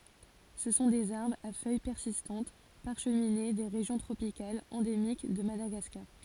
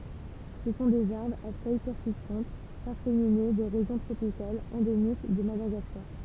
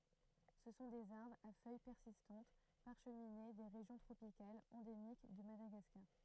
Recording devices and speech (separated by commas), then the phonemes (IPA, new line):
forehead accelerometer, temple vibration pickup, throat microphone, read sentence
sə sɔ̃ dez aʁbʁz a fœj pɛʁsistɑ̃t paʁʃmine de ʁeʒjɔ̃ tʁopikalz ɑ̃demik də madaɡaskaʁ